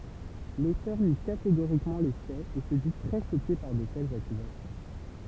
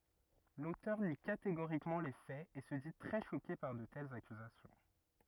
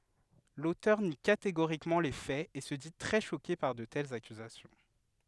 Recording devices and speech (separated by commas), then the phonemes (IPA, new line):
temple vibration pickup, rigid in-ear microphone, headset microphone, read sentence
lotœʁ ni kateɡoʁikmɑ̃ le fɛz e sə di tʁɛ ʃoke paʁ də tɛlz akyzasjɔ̃